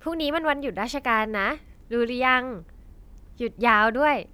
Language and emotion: Thai, happy